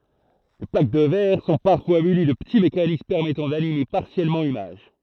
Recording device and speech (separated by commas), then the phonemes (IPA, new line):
throat microphone, read sentence
le plak də vɛʁ sɔ̃ paʁfwa myni də pəti mekanism pɛʁmɛtɑ̃ danime paʁsjɛlmɑ̃ limaʒ